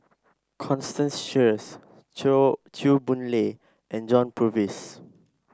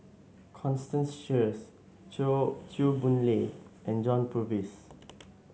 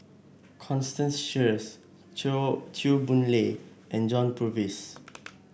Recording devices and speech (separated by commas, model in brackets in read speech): standing microphone (AKG C214), mobile phone (Samsung S8), boundary microphone (BM630), read sentence